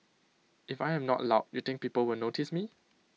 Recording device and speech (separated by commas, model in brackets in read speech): mobile phone (iPhone 6), read sentence